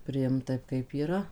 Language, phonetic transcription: Lithuanian, priˈimt ˈtaip kaip yˈra

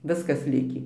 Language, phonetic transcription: Lithuanian, ˈviskas ˈlikį

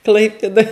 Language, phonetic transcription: Lithuanian, ˈklaipėdoj

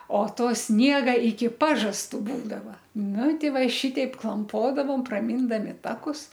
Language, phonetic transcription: Lithuanian, o ˈto ˈsniega iki ˈpažastu ˈbūdava ˈnu ˈti ˈva i ˈšiteip klamˈpodavom praˈmyndami ˈtakus

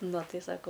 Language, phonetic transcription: Lithuanian, ˈnu ˈtai ˈsako

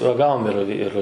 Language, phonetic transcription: Lithuanian, raˈgavom ir ir

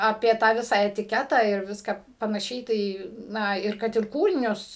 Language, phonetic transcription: Lithuanian, ˈapie tą ˈvisą etiˈketą ir ˈviską panaˈšiai ˈtai ˈna ir ˈkad ir ˈkūrinius

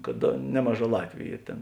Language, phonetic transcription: Lithuanian, kad ˈnemaˌžā ˈlatviu ˈyr ˈtėn

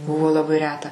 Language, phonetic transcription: Lithuanian, ˈbuvo laˈbai ˈreta

